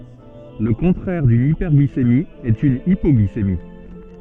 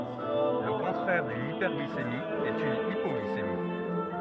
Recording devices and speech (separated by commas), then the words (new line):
soft in-ear microphone, rigid in-ear microphone, read sentence
Le contraire d'une hyperglycémie est une hypoglycémie.